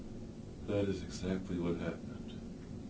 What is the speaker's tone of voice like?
sad